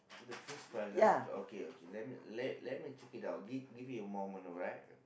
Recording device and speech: boundary microphone, conversation in the same room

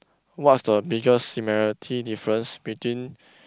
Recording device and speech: close-talking microphone, conversation in the same room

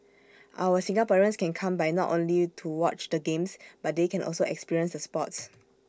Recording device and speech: standing microphone (AKG C214), read sentence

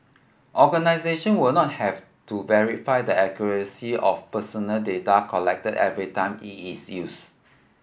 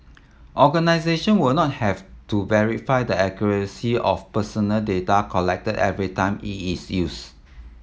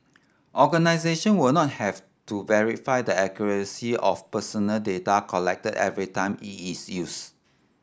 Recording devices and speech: boundary microphone (BM630), mobile phone (iPhone 7), standing microphone (AKG C214), read sentence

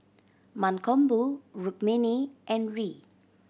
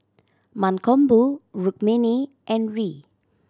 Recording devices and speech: boundary microphone (BM630), standing microphone (AKG C214), read sentence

